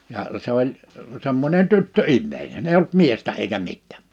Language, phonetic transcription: Finnish, ja , 'se ‿oĺ , 'semmońen 'tyttö"immeinen ‿eiʲ ‿olt "miestä eikä "mittᴀ̈̀ .
- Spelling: ja se oli semmoinen tyttöihminen ei ollut miestä eikä mitään

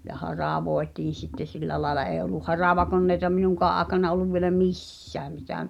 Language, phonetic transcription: Finnish, ja 'haràvoetiin̬ sitte 'sillä laĕla ee olluh̆ "haràvakonnèita "minuŋkaa’ ’aaᵉkana olluv vielä "mis̳s̳ääm mitä̀ m- ,.
- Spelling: ja haravoitiin sitten sillä lailla ei ollut haravakoneita minunkaan aikana ollut vielä missään mitä -

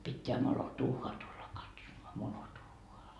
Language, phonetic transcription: Finnish, pitteä 'molo"tuu₍aa tulla katsomoa , 'molotuu₍oa .
- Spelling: pitää moloduuhhaa tulla katsomaan moloduuhhaa

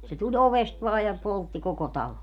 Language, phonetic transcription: Finnish, se 'tuĺ 'ovest vaa ja , 'poltti 'koko "talo .
- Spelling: se tuli ovesta vain ja poltti koko talon

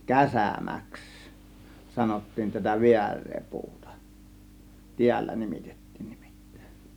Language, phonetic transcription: Finnish, käsä̀mäks , 'sanottiin tätä "viär̆ree 'puutA , "tiällä 'nimitettIIN NIMIttÄe̬N .
- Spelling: käsämäksi sanottiin tätä väärää puuta täällä nimitettiin nimittäin

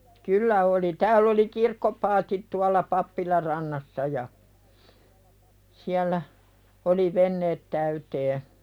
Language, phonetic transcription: Finnish, kyllä oli 'tääll ‿oli "kirkkopaatit tualla 'pappilar rannassa ja , 'siällä , oli "venneet täytee .
- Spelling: kyllä oli täällä oli kirkkopaatit tuolla pappilan rannassa ja siellä oli veneet täyteen

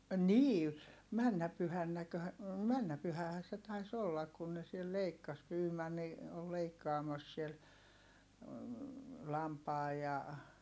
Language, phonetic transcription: Finnish, nii , männä pyhännäkö , männä pyhähää se tais ollak kun ne siel leikkas Pyymanni , ol leikkaamas siel , lampaa ja ,.
- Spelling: niin menneenä pyhänäkö mennyt pyhähän se taisi olla kun ne siellä leikkasi Byman oli leikkaamassa siellä lampaan ja

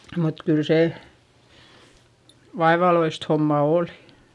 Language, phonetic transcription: Finnish, mut kỳl se , vaevaloist homma òlI .
- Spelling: mutta kyllä se vaivalloista hommaa oli

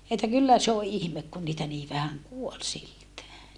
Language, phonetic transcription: Finnish, että kyllä se o ʼihmek kun niitä nii vähäŋ kuol siltää .
- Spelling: että kyllä se on ihme kun niitä niin vähän kuoli siltään

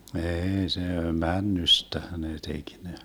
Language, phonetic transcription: Finnish, 'eei se , "männystähä nee 'tek ne .
- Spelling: ei se männystähän ne teki ne

